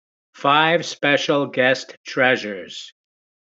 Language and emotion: English, angry